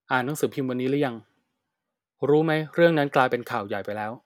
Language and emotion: Thai, frustrated